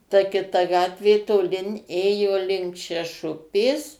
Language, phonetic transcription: Lithuanian, ta kiˈta ˈgatvė toˈlin ˈėjo link šeˈšupės

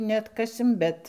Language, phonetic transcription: Lithuanian, neatˈkasim ˈbet

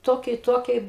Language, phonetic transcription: Lithuanian, ˈtokie i ˈtokie

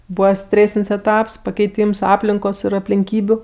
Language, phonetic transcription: Lithuanian, ˈbūva ˈstrėsin's' eˈtaps pakeiˈtyms ˈaplinkos ir aplinˈkybiu

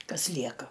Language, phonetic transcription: Lithuanian, ˈkas ˈlieka

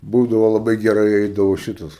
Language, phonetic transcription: Lithuanian, ˈbūdavo laˈbai geˈrai ˈeidavo ˈšitas

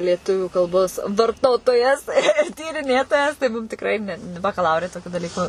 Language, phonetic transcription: Lithuanian, lieˈtuvių kalˈbos varˈtotojas ir tyriˈnėtojas tai ˈmum tikˈrai ˈne nu bakaˈlaure toˈkiu daˈlyku

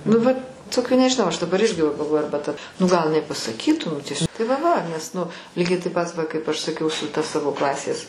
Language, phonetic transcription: Lithuanian, nu ˈvat ˈtokių nežiˈnau aš daˈbar ˈirgi va galˈvoju ˈarba ta nu gal iˈnai pasaˈkytų nu ties' tai va va nes nu ˈlygiai taip ˈpat ˈva kaip ˈaš saˈkiau su ta ˈsavo ˈklasės

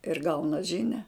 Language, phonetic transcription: Lithuanian, ir ˈgauna ˈžinia

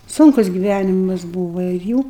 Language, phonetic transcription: Lithuanian, ˈsunkus giˈvænimas ˈbūva ir ˈjų

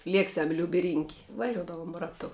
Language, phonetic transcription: Lithuanian, ˈlieksiam liub' i rin'k' vaˈžiuodavom raˈtu

